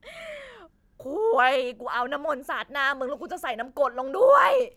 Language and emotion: Thai, angry